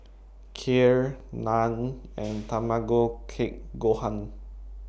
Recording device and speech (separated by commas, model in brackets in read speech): boundary microphone (BM630), read sentence